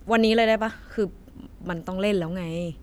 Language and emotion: Thai, neutral